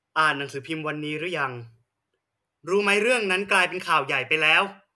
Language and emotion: Thai, angry